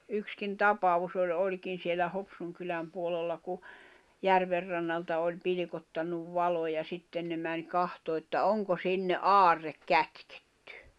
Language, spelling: Finnish, yksikin tapaus oli olikin siellä Hopsun kylän puolella kun järvenrannalta oli pilkottanut valo ja sitten ne meni katsomaan että onko sinne aarre kätketty
- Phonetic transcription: 'ykskin "tapavus ‿oĺ 'oĺkin̬ sielä 'Hopsuŋ kyläm puolella ku , 'järverrannalta oĺ 'pilⁱkottannuv 'valo ja 'sitten ne mäń 'kahtoo että "oŋko "sinne "aarrek 'kätkᴇttʏ .

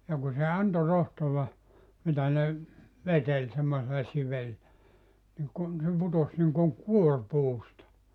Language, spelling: Finnish, ja kun se antoi rohtoa mitä ne veteli semmoisella - niin kun se putosi niin kuin kuori puusta
- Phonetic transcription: ja ku se 'anto 'rohtova , 'mitä ne , 'veteĺ semmosella 'sivel- , niŋ 'kun se 'putos niŋkoŋ "kuor 'puusta .

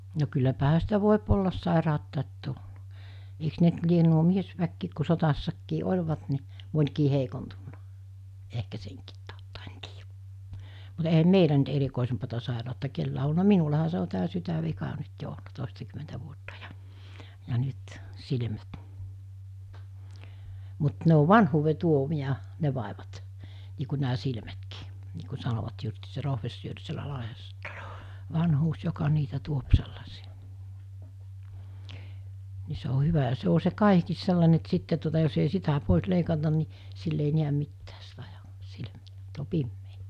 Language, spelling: Finnish, no kylläpähän sitä voi olla sairautta tullut eikös ne nyt lie nuo miesväkikin kun sodassakin olivat niin monikin heikontunut ehkä senkin tautta en tiedä mutta eihän meillä nyt erikoisempaa sairautta kenelläkään ole ollut minullahan se on tämä sydänvika nyt jo ollut toistakymmentä vuotta jo ja nyt silmät mutta ne on vanhuuden tuomia ne vaivat niin kuin nämä silmätkin niin kun sanoivat justiin se professori siellä Lahdessa että se on vanhuus joka niitä tuo sellaisia niin se on hyvä ja se on se kaihikin sellainen että sitten tuota jos ei sitä pois leikata niin sillä ei näe mitään - - silmät on pimeät
- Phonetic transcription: no kylläpähä sitä 'vòep ollas 'sàeràottàet 'tul(lu) , eiks ne ‿nt lien nuo 'miesväkkiik ku sotassakkii 'oĺvat ni , 'mońkii heikontunnᴀ , ehkä seŋkiit tàotta en tiijä , mut eihäm "meilä nyt 'erikòesempata sàeràotta 'kellää o olna 'minulaha se o tää 'sytä'vika 'nyt jo olna 'tòestakymentä vuotta jᴀ , ja 'nyt , 'silmät , mut 'ne o "vanhuuve 'tuomi₍a , 'ne vàevat , nii ku nää 'silmätkii , nii ku 'sanovat justii se 'rohvessyör sielä 'Lahessa (että se o) , 'vanhuus joka niitä tuop sellasi₍a , ni se o 'hyvä ja 'se o se 'kaihkiis 'sellane että 'sitte tuota jos ei 'sitä 'pòes 'leikatan ni , 'sill ‿ei 'niäm 'mittää s(- -) 'silmᴀ̈(- -) , -t ‿o 'pimmee .

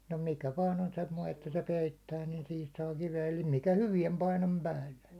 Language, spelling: Finnish, no mikä vain on semmoinen että se peittää niin siihen saa kiveä eli mikä hyvään painon päälle
- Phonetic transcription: no 'mikä vaan ‿on 'semmoi että se 'peittää niin sihis saa 'kive₍ä eli mikä "hyviɛm painom 'päälle .

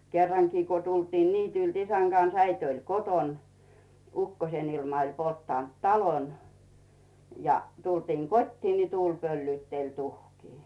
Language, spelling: Finnish, kerrankin kun tultiin niityltä isän kanssa äiti oli kotona ukkosen ilma oli polttanut talon ja tultiin kotiin niin tuuli pöllytteli tuhkia
- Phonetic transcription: 'kerraŋkii ku tultiin "niitylt ‿'isäŋ Gans 'äit ‿oĺ "koton , 'ukkosen ‿ilma oĺ 'polttànt "talon , ja , 'tultiiŋ "kot́tii ni "tuuĺ pöllyytteĺ 'tuhkii .

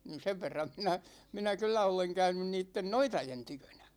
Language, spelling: Finnish, niin sen verran minä minä kyllä olen käynyt niiden noitien tykönä
- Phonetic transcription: nin̬ 'sev verram minä , 'minä kyllä oleŋ 'käynyn niitten "noitajen 'tykönÄ .

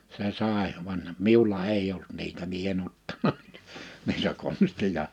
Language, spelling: Finnish, se sai vaan minulla ei ollut niitä minä en ottanut niitä niitä konstia
- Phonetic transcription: se 'sàe , van , 'miulla "èiʲ ‿olt niitä mie e'n ‿ottana nii(tä) , niitä 'konstija .

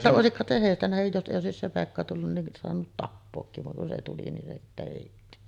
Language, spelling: Finnish, vaan että olisi kai se heistä nähden jos ei olisi se Pekka tullut niin saanut tappaakin vaan kun se tuli niin se sitten heitti
- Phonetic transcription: va’ ’että 'òesik kàet se 'hèistä nähej jos ’èij ‿òesis se 'Pekka tullun nin soanut "tappookkiv vaŋ kun se 'tuli nin se sittä 'hèitti .

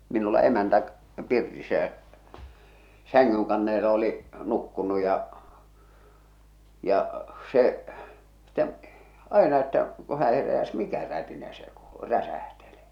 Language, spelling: Finnish, minulla emäntä pirtissä ja sängynkannelle oli nukkunut ja ja se sitten aina että kun hän heräsi mikä rätinä se kuului räsähteli
- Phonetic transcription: 'minulla 'emäntä , 'pirtissä jä , 'säŋ-ŋyŋkanneele oli , 'nukkunu ja , ja , 'se , ˢᵗᵉᵐ , 'aena että , ko hä heräs "mikä 'rätinä se kuuʟᴜ , 'räsähtele .

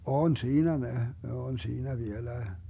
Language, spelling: Finnish, on siinä ne ne on siinä vieläkin
- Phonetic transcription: "on 'siinä ne , 'ne on 'siinä 'vieläe .

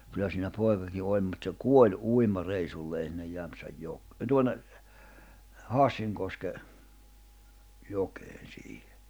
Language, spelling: Finnish, kyllä siinä poikakin oli mutta se kuoli uimareissulleen sinne - tuonne Hassinkoskeen jokeen siihen
- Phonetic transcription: kyllä siinä 'pòi̬kaki 'oĺ mut se "kuoĺ 'uima'reisullee sinnej 'Jämpsäj'jok- 'tuonne , 'Hàssiŋkoske , 'jokeen̬ siihᴇ .

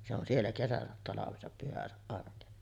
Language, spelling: Finnish, se on siellä kesänsä talvensa pyhänsä arkensa
- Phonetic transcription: se ‿on 'siellä 'kesäsät talavesap 'pyhäsä’ ’arkesa .

